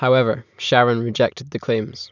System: none